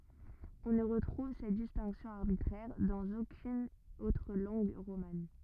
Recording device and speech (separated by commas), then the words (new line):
rigid in-ear microphone, read sentence
On ne retrouve cette distinction arbitraire dans aucune autre langue romane.